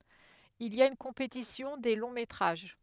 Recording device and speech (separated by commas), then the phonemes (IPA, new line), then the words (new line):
headset microphone, read sentence
il i a yn kɔ̃petisjɔ̃ de lɔ̃ metʁaʒ
Il y a une compétition des longs métrages.